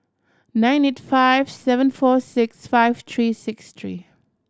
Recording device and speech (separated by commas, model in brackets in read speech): standing microphone (AKG C214), read sentence